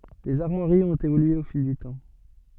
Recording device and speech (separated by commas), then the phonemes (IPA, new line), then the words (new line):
soft in-ear microphone, read sentence
lez aʁmwaʁiz ɔ̃t evolye o fil dy tɑ̃
Les armoiries ont évolué au fil du temps.